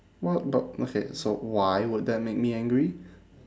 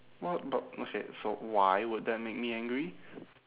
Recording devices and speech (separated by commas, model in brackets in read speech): standing microphone, telephone, conversation in separate rooms